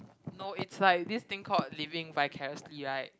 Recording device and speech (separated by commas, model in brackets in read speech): close-talking microphone, conversation in the same room